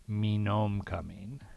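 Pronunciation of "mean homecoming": In 'mean homecoming', the h at the start of 'homecoming' is dropped.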